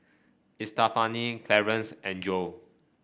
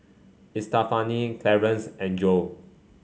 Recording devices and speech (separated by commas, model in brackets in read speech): boundary microphone (BM630), mobile phone (Samsung C5), read sentence